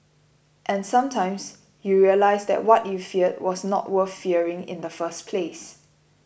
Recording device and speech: boundary microphone (BM630), read sentence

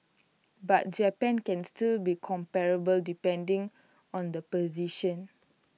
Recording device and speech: mobile phone (iPhone 6), read sentence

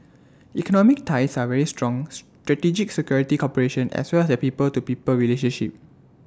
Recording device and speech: standing microphone (AKG C214), read sentence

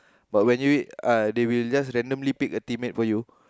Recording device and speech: close-talking microphone, conversation in the same room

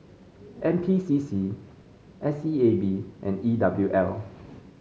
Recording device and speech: mobile phone (Samsung C5), read sentence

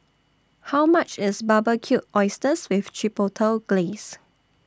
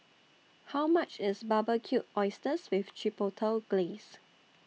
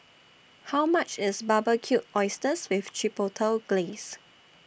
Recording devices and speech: standing microphone (AKG C214), mobile phone (iPhone 6), boundary microphone (BM630), read sentence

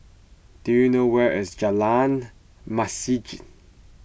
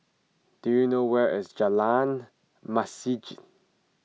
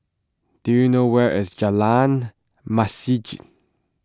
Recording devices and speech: boundary microphone (BM630), mobile phone (iPhone 6), close-talking microphone (WH20), read sentence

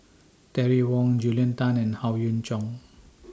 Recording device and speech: standing microphone (AKG C214), read sentence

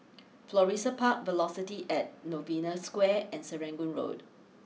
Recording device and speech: mobile phone (iPhone 6), read sentence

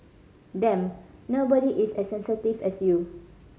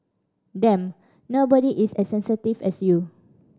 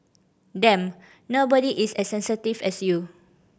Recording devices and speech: mobile phone (Samsung C5010), standing microphone (AKG C214), boundary microphone (BM630), read sentence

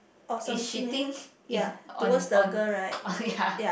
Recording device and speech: boundary microphone, conversation in the same room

